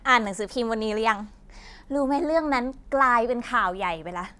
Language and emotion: Thai, frustrated